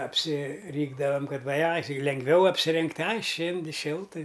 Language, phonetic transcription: Lithuanian, apsiˈrykdavam ˈkad va ˈai ˈtai lengˈviau apsiˈringt' ˈai ˈšėndi ˈšiltɨ

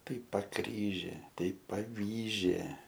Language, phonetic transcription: Lithuanian, ˈtai paˈkryžė ˈtai paˈvyžė

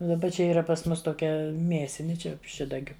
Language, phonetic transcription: Lithuanian, u daˈba ˈčia ˈyra pas ˈmus toˈkia ˈmiesini ˈčia ˈšidagiu

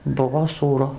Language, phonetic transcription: Lithuanian, ˈbuvo sūˈru

